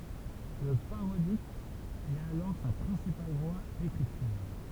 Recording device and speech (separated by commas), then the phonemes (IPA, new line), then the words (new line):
temple vibration pickup, read sentence
lə paʁodik ɛt alɔʁ sa pʁɛ̃sipal vwa dekʁityʁ
Le parodique est alors sa principale voie d’écriture.